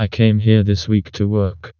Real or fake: fake